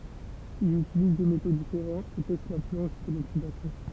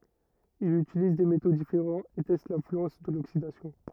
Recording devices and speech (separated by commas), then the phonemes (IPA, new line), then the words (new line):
temple vibration pickup, rigid in-ear microphone, read sentence
il ytiliz de meto difeʁɑ̃z e tɛst lɛ̃flyɑ̃s də loksidasjɔ̃
Il utilise des métaux différents et teste l'influence de l'oxydation.